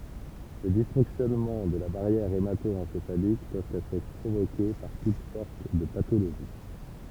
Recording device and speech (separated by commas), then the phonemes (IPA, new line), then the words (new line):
temple vibration pickup, read sentence
le disfɔ̃ksjɔnmɑ̃ də la baʁjɛʁ emato ɑ̃sefalik pøvt ɛtʁ pʁovoke paʁ tut sɔʁt də patoloʒi
Les dysfonctionnements de la barrière hémato-encéphalique peuvent être provoquées par toutes sortes de pathologies.